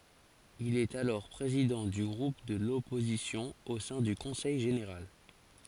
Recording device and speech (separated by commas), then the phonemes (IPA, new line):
forehead accelerometer, read sentence
il ɛt alɔʁ pʁezidɑ̃ dy ɡʁup də lɔpozisjɔ̃ o sɛ̃ dy kɔ̃sɛj ʒeneʁal